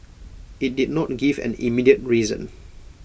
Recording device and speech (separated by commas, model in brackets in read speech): boundary microphone (BM630), read sentence